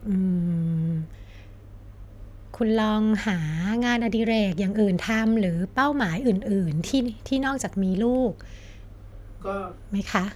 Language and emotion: Thai, neutral